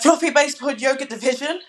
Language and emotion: English, angry